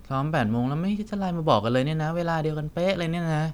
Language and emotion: Thai, frustrated